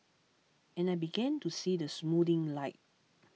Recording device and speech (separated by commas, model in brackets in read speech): mobile phone (iPhone 6), read sentence